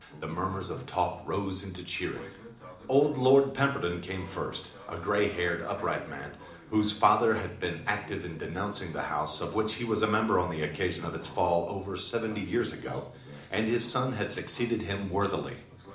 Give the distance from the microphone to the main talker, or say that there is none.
2.0 m.